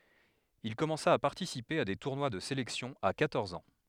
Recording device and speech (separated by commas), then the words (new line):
headset microphone, read sentence
Il commença à participer à des tournois de sélection à quatorze ans.